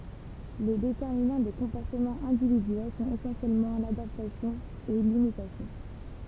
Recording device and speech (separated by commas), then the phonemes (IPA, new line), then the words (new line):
temple vibration pickup, read sentence
le detɛʁminɑ̃ de kɔ̃pɔʁtəmɑ̃z ɛ̃dividyɛl sɔ̃t esɑ̃sjɛlmɑ̃ ladaptasjɔ̃ e limitasjɔ̃
Les déterminant des comportements individuels sont essentiellement l'adaptation et l'imitation.